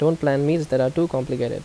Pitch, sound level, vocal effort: 140 Hz, 82 dB SPL, normal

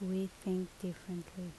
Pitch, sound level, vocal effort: 185 Hz, 73 dB SPL, soft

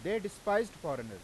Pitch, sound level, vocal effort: 200 Hz, 97 dB SPL, loud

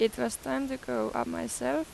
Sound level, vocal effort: 86 dB SPL, normal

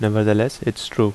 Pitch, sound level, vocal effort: 110 Hz, 79 dB SPL, normal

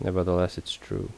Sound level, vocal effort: 77 dB SPL, soft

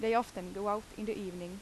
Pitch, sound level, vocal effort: 205 Hz, 84 dB SPL, loud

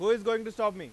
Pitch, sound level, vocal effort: 225 Hz, 102 dB SPL, very loud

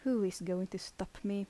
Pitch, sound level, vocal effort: 190 Hz, 77 dB SPL, soft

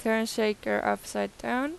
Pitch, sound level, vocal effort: 215 Hz, 87 dB SPL, normal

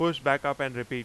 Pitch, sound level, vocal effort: 140 Hz, 96 dB SPL, very loud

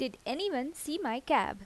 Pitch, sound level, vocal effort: 295 Hz, 84 dB SPL, normal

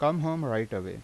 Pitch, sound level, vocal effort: 140 Hz, 87 dB SPL, normal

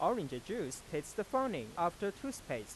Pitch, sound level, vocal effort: 215 Hz, 93 dB SPL, normal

